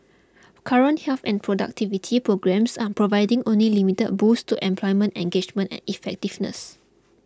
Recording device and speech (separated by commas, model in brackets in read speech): close-talking microphone (WH20), read sentence